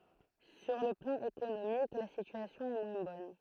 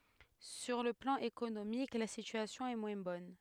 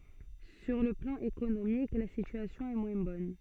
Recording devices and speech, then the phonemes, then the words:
throat microphone, headset microphone, soft in-ear microphone, read sentence
syʁ lə plɑ̃ ekonomik la sityasjɔ̃ ɛ mwɛ̃ bɔn
Sur le plan économique, la situation est moins bonne.

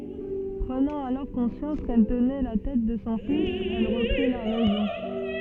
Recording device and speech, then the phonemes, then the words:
soft in-ear microphone, read sentence
pʁənɑ̃ alɔʁ kɔ̃sjɑ̃s kɛl tənɛ la tɛt də sɔ̃ fis ɛl ʁəpʁi la ʁɛzɔ̃
Prenant alors conscience qu'elle tenait la tête de son fils, elle reprit la raison.

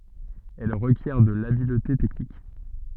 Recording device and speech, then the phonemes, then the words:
soft in-ear microphone, read sentence
ɛl ʁəkjɛʁ də labilte tɛknik
Elle requiert de l'habileté technique.

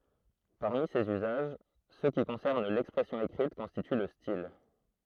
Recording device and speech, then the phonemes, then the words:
throat microphone, read sentence
paʁmi sez yzaʒ sø ki kɔ̃sɛʁn lɛkspʁɛsjɔ̃ ekʁit kɔ̃stity lə stil
Parmi ces usages, ceux qui concernent l'expression écrite constituent le style.

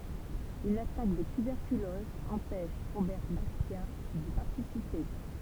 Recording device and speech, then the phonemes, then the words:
temple vibration pickup, read sentence
yn atak də tybɛʁkylɔz ɑ̃pɛʃ ʁobɛʁ baʁsja di paʁtisipe
Une attaque de tuberculose empêche Robert Barcia d'y participer.

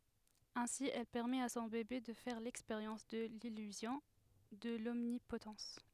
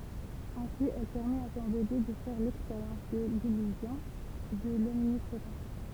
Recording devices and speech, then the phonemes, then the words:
headset microphone, temple vibration pickup, read sentence
ɛ̃si ɛl pɛʁmɛt a sɔ̃ bebe də fɛʁ lɛkspeʁjɑ̃s də lilyzjɔ̃ də lɔmnipotɑ̃s
Ainsi, elle permet à son bébé de faire l'expérience de l'illusion, de l'omnipotence.

